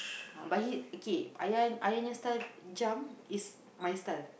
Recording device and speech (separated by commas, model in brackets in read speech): boundary microphone, conversation in the same room